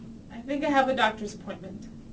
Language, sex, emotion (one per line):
English
female
neutral